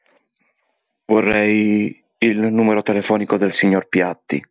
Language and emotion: Italian, fearful